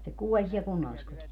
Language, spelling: Finnish, se kuoli siellä kunnalliskodissa
- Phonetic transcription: se 'kuoĺ siɛl 'kunnalliskotis .

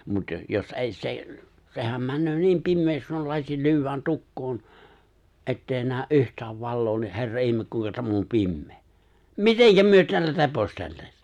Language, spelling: Finnish, mutta - jos ei se sehän menee niin pimeäksi kun lasi lyödään tukkoon että ei näe yhtään valoa niin herra ihme kuinka tämä on pimeä miten me täällä reposteltaisiin
- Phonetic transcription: mut 'jo- 'jos '’ei se , 'sehäm 'männöö 'niim 'pimmeeks (kun) 'lasi 'ly̬̬yw̆wän 'tukkoon , '’ett ‿èi 'nääᵒ̈ '’yhtääv 'valloo ni 'herra '’ihme 'kuiŋka täm ‿om 'pimmee , "miteŋkä 'myö 'teällä 're̬posteltaś .

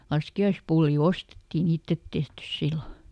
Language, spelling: Finnish, laskiaispullia ostettiin ei itse tehty silloin
- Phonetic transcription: ˈlaski₍aispulli "ostettiˈn [ei] ‿ittet tehtys ˈsillo .

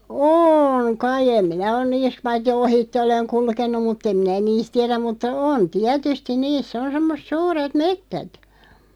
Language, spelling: Finnish, on kai en minä ole niissä paitsi ohitse olen kulkenut mutta en minä niistä tiedä mutta on tietysti niissä on semmoiset suuret metsät
- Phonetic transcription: ôŋ 'kai 'em 'minä on 'niis 'vaitti "ohitte 'oleŋ 'kulkennuᵐ mut'ᵗ ‿em 'minä "niist 'tiɛräᵐ mutta , 'on "tiätystiⁿ 'niis's ‿on 'semmos[et] "suuret "mettät .

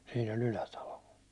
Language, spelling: Finnish, siinä oli Ylätalo
- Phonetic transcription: Siin ‿oĺ 'Ylätalo .

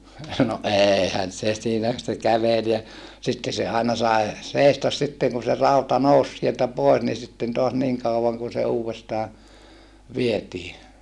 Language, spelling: Finnish, no eihän se siinä se käveli ja sitten se aina sai seistä sitten kun se rauta nousi sieltä pois niin sitten taas niin kauan kuin se uudestaan vietiin
- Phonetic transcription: no ʼeehän se siinä , se kävel ja , sitte se àena sai̮ , sèistas sitteŋ kun̬ se rauta nous sieltä poes ni sitten toas niŋ kauvaŋ kun se uuvestaa , vietii .

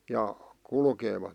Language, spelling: Finnish, ja kulkevat
- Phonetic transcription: ja , 'kulkeevat .

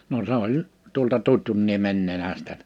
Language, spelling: Finnish, no se oli tuolta Tutjunniemen nenästä
- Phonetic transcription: no 's ‿oĺ , tuolta 'Tutjunniemen 'nenästä .

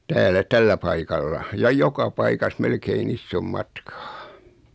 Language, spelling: Finnish, täällä tällä paikalla ja joka paikassa melkein ison matkaa
- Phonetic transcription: 'täälä "tällä 'paikalla , ja "joka 'paikas 'melkein 'issom 'matkᴀᴀ .

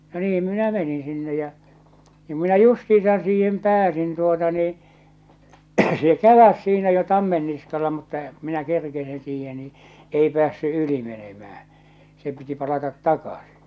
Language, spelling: Finnish, no niin minä menin sinne ja niin minä justiinsa siihen pääsin tuota niin se käväisi siinä jo tammen niskalla mutta ja minä kerkesin siihen niin ei päässyt yli menemään se piti palata takaisin
- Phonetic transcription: no 'niim 'minä meniḭ sinne jä , nim minä 'justiisan siihem 'pääsin tuota nii , se "käväs siinä jo 'tammen niskala mutta , ᵏᵘ minä 'kerkesin siihe ni , ei pᵉäässy 'yli menemää , se piti palatat "takasɪ .

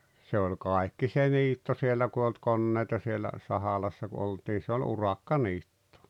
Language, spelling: Finnish, se oli kaikki se niitto siellä kun ei ollut koneita siellä Sahalassa kun oltiin se oli urakkaniitto
- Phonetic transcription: se oĺ 'kàikki se 'niitto 'siellä ku e ‿olt 'konnèita sielä , 'Sahalassa ku '’oltii se oĺ "urakka'niitto .

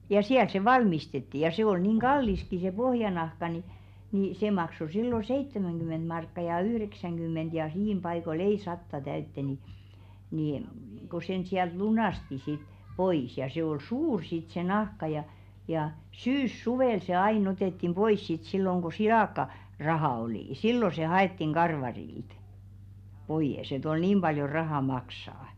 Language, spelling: Finnish, ja siellä se valmistettiin ja se oli niin kalliskin se pohjanahka niin niin se maksoi silloin seitsemänkymmentä markkaa ja yhdeksänkymmentä ja siinä paikoilla ei sataa täyteen niin niin - kun sen sieltä lunasti sitten pois ja se oli suuri sitten se nahka ja ja syyssuvella se aina otettiin pois sitten silloin kun - silakkaraha oli silloin se haettiin karvarilta pois että oli niin paljon rahaa maksaa
- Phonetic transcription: ja 'siäl se "valmistetti ja 'se ol nìŋ "ɢalliski se 'pohjanahka ni , ni "se makso 'sillo "seittemäŋɢy-ment 'markka ja "yhreksäŋɢym̆ment ja 'h̬̳§iim ʙaiko"l ‿ei 'satta 'täytte ni , nì m- , ko 'sen siält "lunàsti sit , 'pois ja sè ‿ol "suur sit se 'nahka ja , ja "syys"suvèl se 'ai'n ‿otèttim 'ʙois sit silloŋ ɢo 'silàkka- -'raha olì , "sillo se 'ha₍ettiŋ 'ɢarvarilt , ʙoiʲes et ‿ol 'niim ʙaljo "rahà 'maksaa .

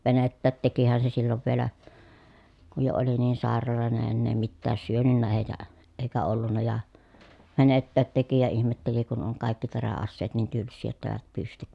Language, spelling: Finnish, venettäkin tekihän se silloin vielä kun jo oli niin sairaalloinen enää mitään syönyt ja eikä ollut ja venettäkin teki ja ihmetteli kun on kaikki teräaseet niin tylsiä jotta eivät pysty
- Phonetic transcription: venettäät tekihän se sillov vielä , kuj jo oli niin sàeralòene ennee mittääs syönynnääj ja , eikä ollunna ja , venettäät teki ja ihmetteli kun oŋ kàikki terä₍asseet niin tylssii jotta èi̮vät pystyk .

